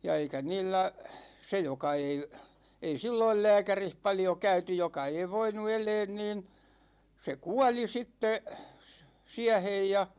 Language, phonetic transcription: Finnish, ja 'eikä 'niillä , 'se joka ei , ei 'silloil "lääkärih paljo käyty 'joka ei voinu "eleen niin , se "kuali 'sitte , 'siähej ja ,.
- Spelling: ja eikä niillä se joka ei ei silloin lääkärissä paljon käyty joka ei voinut elää niin se kuoli sitten siihen ja

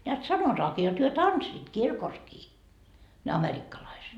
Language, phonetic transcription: Finnish, neät 'sanotaakii jot hyö "tanssiit "kirkoskii , ne 'amerikkalaiset .
- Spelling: näet sanotaankin jotta he tanssivat kirkossakin ne amerikkalaiset

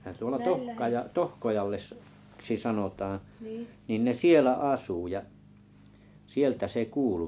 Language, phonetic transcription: Finnish, ne(hän) tuola "Tohkajaa- "Tohkojalles -ksi 'sanotaaa̰ nin ne 'sielä "àsù ja , 'sieltä se 'kuulu .
- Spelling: nehän tuolla - - Tohkojaksi sanotaan niin ne siellä asui ja sieltä se kuului

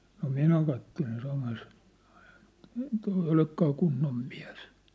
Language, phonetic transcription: Finnish, no 'minä kattelen 'samas , toi eⁱ 'olekkaa 'kunnom 'mɪᴀ̭̈s .
- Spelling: no minä katselen samassa tuo ei olekaan kunnon mies

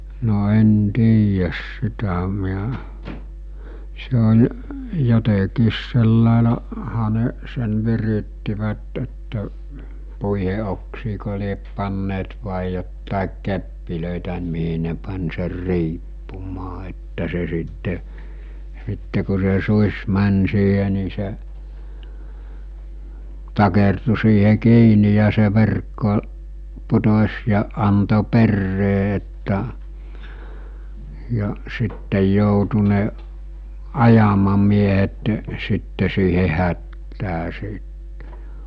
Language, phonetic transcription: Finnish, no 'en 'tiijäs 'sitä (miä) , se oĺ , jotekiis sellàela- , -ha ne sen 'virittivät että , 'puihe oksikoo liep panneet vài jottàik 'keppilö̀itä miɦi ne pań ser "riippumaa että se sitte , sitte ku se 'suś 'mäń 'siiɦe ni se , takertu siihe 'kiini ja se 'verkko , 'putos̜ ja anto 'perree että , ja , 'sittej joutu ne , 'ajamamiehetᴱ , sitte siihe 'hättää sìt .
- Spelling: no en tiedä sitä minä se oli jotenkin - sillä laillahan ne sen virittivät että puiden oksiinko lie panneet vai jotakin keppejä mihin ne pani sen riippumaan että se sitten sitten kun se susi meni siihen niin se takertui siihen kiinni ja se verkko putosi ja antoi perään että ja sitten joutui ne ajamamiehet sitten siihen hätään sitten

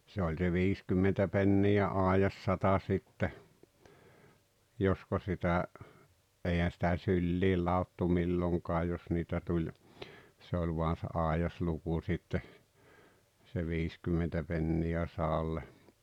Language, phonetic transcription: Finnish, se oĺ se "viiskymmentä pennijä "àejassata sitte , 'josko sitä , '’eihän̬ sitä "syllii laottu 'milloŋkaa jos niitä tuĺ , se oĺ voan̬ se 'àejasluku sitte , se 'viiskymmentä penni₍ä 'saalle .
- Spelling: se oli se viisikymmentä penniä aidassata sitten josko sitä eihän sitä syliin ladottu milloinkaan jos niitä tuli se oli vain se aidasluku sitten se viisikymmentä penniä sadalle

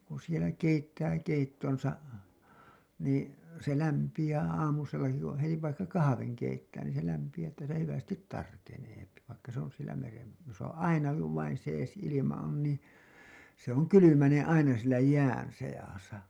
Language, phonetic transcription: Finnish, kun̬ sielä keittää keittonsa , nii , se lämpiʲää aamusellaki kuṵ heti vaikka "kahaveŋ 'keittää niin se lämpiʲää ‿ttä sielä 'hyvästit "tarkeneepi , vaikka se ‿on sielä meren , jos ‿on 'ainaki kuv vain sees ilima ‿on niḭ , se ‿oŋ "kylymänen aina sielä "jään 'sejasa .
- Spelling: kun siellä keittää keittonsa niin se lämpiää aamusellakin kun heti vaikka kahvin keittää niin se lämpiää että siellä hyvästi tarkenee vaikka se on siellä meren jos on ainakin kun vain sees ilma on niin se on kylmänen aina siellä jään seassa

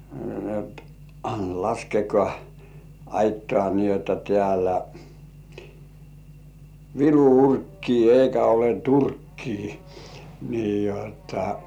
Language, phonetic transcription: Finnish, ni et ᴀɴ- » "laskekŏà , "aittŏà ni jotta 'tĕä̀llä , "vilu "urkkii 'eikä ole "turkkii « , nii jotta .
- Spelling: niin että - laskekaa aittaan niin jotta täällä vilu urkkii eikä ole turkkia niin jotta

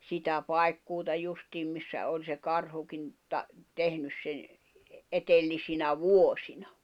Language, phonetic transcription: Finnish, 'sitä 'pai̬kkuuta 'justiim missä oĺ se 'karhukin , ta- , 'tehnys sen , 'etellisinä "vuośina .
- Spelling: sitä paikkuuta justiin missä oli se karhukin - tehnyt sen edellisinä vuosina

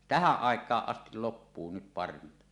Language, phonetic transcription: Finnish, tähäˀ 'ˀàek̀aaˀ 'ˀas-til loppuu nyt 'parvinta .
- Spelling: tähän aikaan asti loppuu nyt parvinta

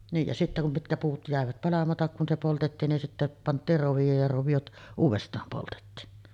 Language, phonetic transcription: Finnish, niij ja sittä kum 'mitkä 'puut jä̀evät 'palamatak kun se 'poltettiin nin sittä , 'pant̆tiir rovijooj ja rovijot , 'uuvest̀aam poltettiin .
- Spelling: niin ja sitten kun mitkä puut jäivät palamatta kun se poltettiin niin sitten pantiin rovioon ja roviot uudestaan poltettiin

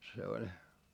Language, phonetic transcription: Finnish, se oĺ .
- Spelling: se oli

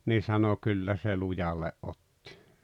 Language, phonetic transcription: Finnish, nii 'sano » 'kyllä se 'lujalle’ ’ottɪ « .
- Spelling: niin sanoi kyllä se lujalle otti

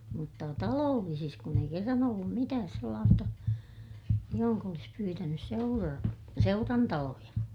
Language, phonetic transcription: Finnish, mutta taloollisis kun ‿ei kerran ‿ollum mitääs sellaasta , johoŋk ‿olis pyytänys - seura- , seurantaloja .
- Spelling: mutta talollisissa kun ei kerran ollut mitään sellaista johon olisi pyytänyt - seurantaloja

